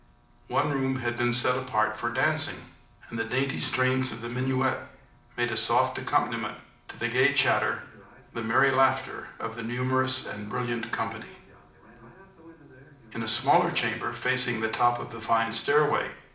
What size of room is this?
A moderately sized room (about 5.7 m by 4.0 m).